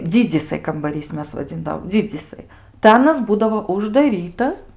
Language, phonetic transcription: Lithuanian, ˈdzidzysai kambaˈrys ˈmes vaˈdzindavom ˈdzidzysai tai ˈanas ˈbūdavo uždaˈrytas

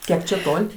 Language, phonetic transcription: Lithuanian, ˈkiek čia ˈtol'

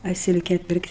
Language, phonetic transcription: Lithuanian, a ˈsilke ˈpirkt'

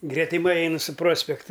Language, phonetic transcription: Lithuanian, gretiˈmai ˈainɨ su ˈprospekta

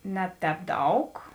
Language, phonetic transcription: Lithuanian, ˈne ˌtēp ˈdaug

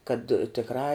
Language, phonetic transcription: Lithuanian, kad tikˈrā

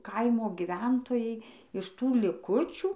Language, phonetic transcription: Lithuanian, ˈkaimo giˈventojai iš ˈtų liˈkučių

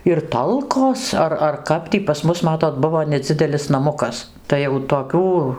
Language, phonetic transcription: Lithuanian, ir ˈtalkos ˈar ar ˈkap tį pas ˈmus maˈtot ˈbuvo neˈdzidelis naˈmukas ˈtai jau toˈkių

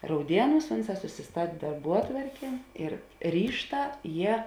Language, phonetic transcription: Lithuanian, rauˈdieˌnūs ˈunˌsā susiˈstat' darˈbuotvarkė ir ˈryžˌtā ˈjie

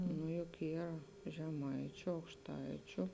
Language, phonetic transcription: Lithuanian, nu juk ˈyr žeˈmaičiu aukšˈtaičiu

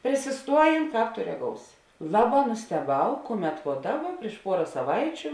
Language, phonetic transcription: Lithuanian, prisiˈstuojėn ˈkāp to reˈgousi ˈlaˌbā nusteˈbau ˈkuˌmet vo ˈdaˌba prieš ˈpuora saˈvaičiu

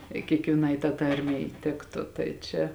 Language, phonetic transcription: Lithuanian, i kiekvieˈnai tā ˈtarmei ˈtiktu ˈtai čia

